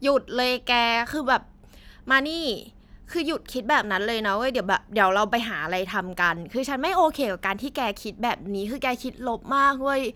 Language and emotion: Thai, frustrated